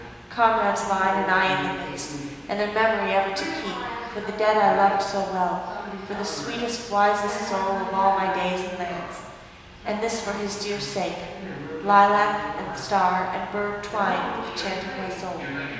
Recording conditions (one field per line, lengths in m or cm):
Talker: one person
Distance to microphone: 1.7 m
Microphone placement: close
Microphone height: 1.0 m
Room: very reverberant, large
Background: television